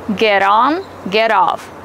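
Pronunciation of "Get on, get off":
In 'get on' and 'get off', the t sounds like a fast d.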